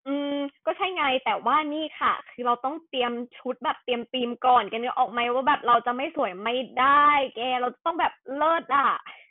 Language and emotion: Thai, happy